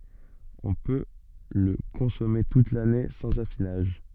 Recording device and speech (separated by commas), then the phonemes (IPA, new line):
soft in-ear microphone, read sentence
ɔ̃ pø lə kɔ̃sɔme tut lane sɑ̃z afinaʒ